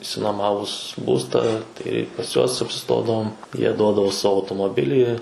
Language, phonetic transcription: Lithuanian, išsinuoˈmavus ˈbūstą ˈtai pas ˈjuos apsiˈstodavom jie ˈduodavo ˈsavo automoˈbilį

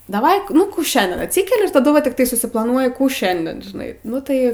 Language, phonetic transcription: Lithuanian, daˈvai ˈnu ˈkų ˈšiandien atˈsykeli ir taˈdu va tikˈtai susiplaˈnuoji ˈkų ˈšiandien žiˈnai ˈnu tai

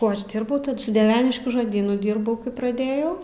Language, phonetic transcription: Lithuanian, ˈkuo ˈaš ˈdyrbau su dieˈveniškių žoˈdynu ˈdyrbau kai praˈdėjau

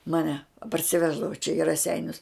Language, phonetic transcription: Lithuanian, maˈne parsiˈveždavo čia i raˈseinius

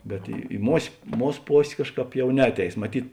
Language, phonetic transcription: Lithuanian, bet i i mos' ˈmūs ˈpos' ˈkažˌkāp ˈjau ˈneatˌeis maˈtyt

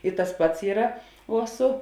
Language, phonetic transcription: Lithuanian, i tas ˈpats ˈyra uo ˈsu

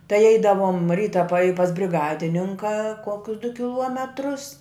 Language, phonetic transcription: Lithuanian, tai ˈeidavom ˈryta pa i pas briˈgadininka ˈkokius du kiˈluometrus

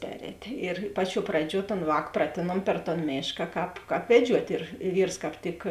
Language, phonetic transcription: Lithuanian, ˈperētė ir ˈpaˌčiuo ˈpraˌdžiuo ton ˈvāk ˈpratėnuom per ton ˈmėška ˈkāp ˈkāp veˈdžiuot' ir i ˈvyrs kāp ˈtik

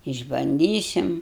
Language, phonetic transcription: Lithuanian, išbanˈdysim

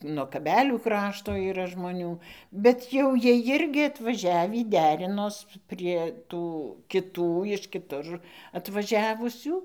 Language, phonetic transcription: Lithuanian, nuo kaˈbelių ˈkrašto yˈra žmoˈnių bet jau ˈjie ˈjirgi atvaˈžiavį ˈderinos prie ˈtų kiˈtų iš kiˈtur atvaˈžiavusių

